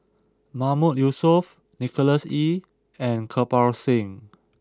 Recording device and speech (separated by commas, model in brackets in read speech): close-talking microphone (WH20), read sentence